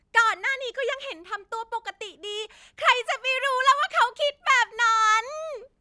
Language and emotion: Thai, happy